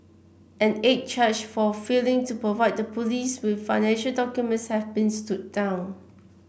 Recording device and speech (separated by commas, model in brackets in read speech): boundary microphone (BM630), read sentence